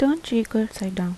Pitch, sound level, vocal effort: 220 Hz, 78 dB SPL, soft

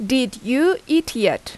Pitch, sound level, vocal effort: 265 Hz, 84 dB SPL, very loud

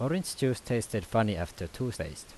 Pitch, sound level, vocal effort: 115 Hz, 83 dB SPL, normal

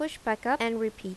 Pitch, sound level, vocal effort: 225 Hz, 83 dB SPL, normal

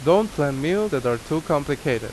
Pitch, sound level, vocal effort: 145 Hz, 88 dB SPL, loud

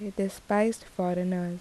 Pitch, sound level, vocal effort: 195 Hz, 76 dB SPL, soft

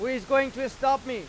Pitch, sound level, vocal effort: 265 Hz, 102 dB SPL, very loud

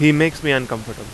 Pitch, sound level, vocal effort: 135 Hz, 91 dB SPL, very loud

